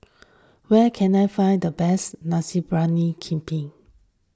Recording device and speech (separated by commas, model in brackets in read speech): standing microphone (AKG C214), read sentence